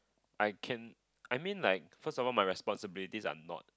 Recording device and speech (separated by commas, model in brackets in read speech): close-talking microphone, conversation in the same room